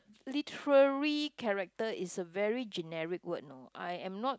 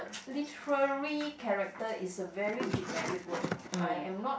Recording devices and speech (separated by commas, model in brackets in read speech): close-talking microphone, boundary microphone, conversation in the same room